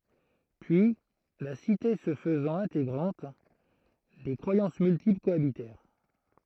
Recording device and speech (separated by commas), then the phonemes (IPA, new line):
throat microphone, read sentence
pyi la site sə fəzɑ̃t ɛ̃teɡʁɑ̃t de kʁwajɑ̃s myltipl koabitɛʁ